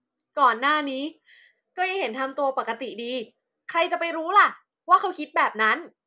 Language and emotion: Thai, happy